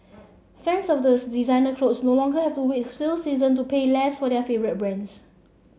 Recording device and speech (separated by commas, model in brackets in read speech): mobile phone (Samsung C7), read sentence